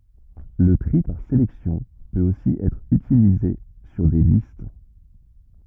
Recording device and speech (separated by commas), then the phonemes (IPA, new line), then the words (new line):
rigid in-ear microphone, read sentence
lə tʁi paʁ selɛksjɔ̃ pøt osi ɛtʁ ytilize syʁ de list
Le tri par sélection peut aussi être utilisé sur des listes.